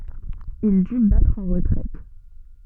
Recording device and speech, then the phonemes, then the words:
soft in-ear microphone, read sentence
il dy batʁ ɑ̃ ʁətʁɛt
Il dut battre en retraite.

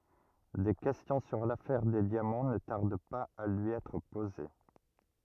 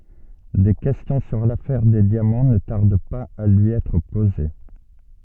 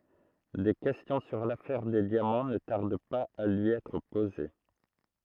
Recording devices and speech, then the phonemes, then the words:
rigid in-ear microphone, soft in-ear microphone, throat microphone, read sentence
de kɛstjɔ̃ syʁ lafɛʁ de djamɑ̃ nə taʁd paz a lyi ɛtʁ poze
Des questions sur l'affaire des diamants ne tardent pas à lui être posées.

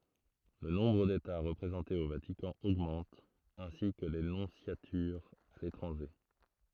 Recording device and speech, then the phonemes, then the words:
throat microphone, read sentence
lə nɔ̃bʁ deta ʁəpʁezɑ̃tez o vatikɑ̃ oɡmɑ̃t ɛ̃si kə le nɔ̃sjatyʁz a letʁɑ̃ʒe
Le nombre d'États représentés au Vatican augmente, ainsi que les nonciatures à l'étranger.

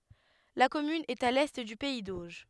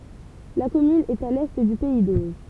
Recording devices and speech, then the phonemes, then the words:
headset microphone, temple vibration pickup, read sentence
la kɔmyn ɛt a lɛ dy pɛi doʒ
La commune est à l'est du pays d'Auge.

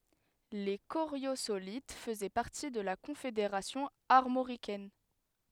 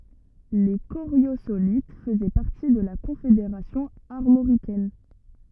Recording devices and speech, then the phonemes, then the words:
headset microphone, rigid in-ear microphone, read sentence
le koʁjozolit fəzɛ paʁti də la kɔ̃fedeʁasjɔ̃ aʁmoʁikɛn
Les Coriosolites faisaient partie de la Confédération armoricaine.

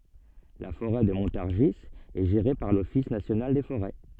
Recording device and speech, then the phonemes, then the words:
soft in-ear microphone, read sentence
la foʁɛ də mɔ̃taʁʒi ɛ ʒeʁe paʁ lɔfis nasjonal de foʁɛ
La forêt de Montargis est gérée par l'Office national des forêts.

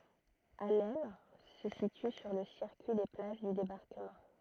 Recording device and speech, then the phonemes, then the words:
throat microphone, read sentence
asnɛl sə sity syʁ lə siʁkyi de plaʒ dy debaʁkəmɑ̃
Asnelles se situe sur le circuit des plages du Débarquement.

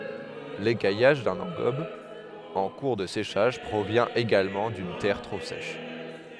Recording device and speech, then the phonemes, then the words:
headset microphone, read sentence
lekajaʒ dœ̃n ɑ̃ɡɔb ɑ̃ kuʁ də seʃaʒ pʁovjɛ̃ eɡalmɑ̃ dyn tɛʁ tʁo sɛʃ
L'écaillage d'un engobe en cours de séchage provient également d'une terre trop sèche.

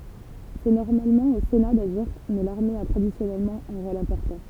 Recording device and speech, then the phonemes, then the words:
temple vibration pickup, read sentence
sɛ nɔʁmalmɑ̃ o sena daʒiʁ mɛ laʁme a tʁadisjɔnɛlmɑ̃ œ̃ ʁol ɛ̃pɔʁtɑ̃
C’est normalement au Sénat d’agir mais l’armée a traditionnellement un rôle important.

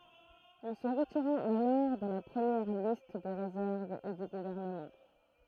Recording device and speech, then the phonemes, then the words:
throat microphone, read sentence
il sə ʁətiʁa alɔʁ də la pʁəmjɛʁ list də ʁezɛʁv e dy ɡuvɛʁnəmɑ̃
Il se retira alors de la première liste de réserve et du gouvernement.

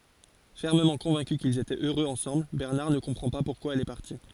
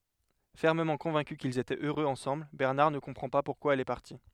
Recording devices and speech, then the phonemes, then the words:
forehead accelerometer, headset microphone, read sentence
fɛʁməmɑ̃ kɔ̃vɛ̃ky kilz etɛt øʁøz ɑ̃sɑ̃bl bɛʁnaʁ nə kɔ̃pʁɑ̃ pa puʁkwa ɛl ɛ paʁti
Fermement convaincu qu'ils étaient heureux ensemble, Bernard ne comprend pas pourquoi elle est partie.

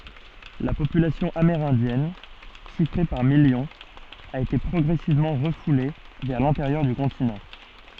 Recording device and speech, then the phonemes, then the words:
soft in-ear microphone, read sentence
la popylasjɔ̃ ameʁɛ̃djɛn ʃifʁe paʁ miljɔ̃z a ete pʁɔɡʁɛsivmɑ̃ ʁəfule vɛʁ lɛ̃teʁjœʁ dy kɔ̃tinɑ̃
La population amérindienne, chiffrée par millions, a été progressivement refoulée vers l'intérieur du continent.

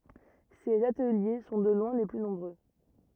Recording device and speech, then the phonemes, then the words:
rigid in-ear microphone, read sentence
sez atəlje sɔ̃ də lwɛ̃ le ply nɔ̃bʁø
Ces ateliers sont de loin les plus nombreux.

